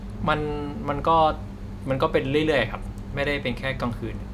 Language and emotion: Thai, neutral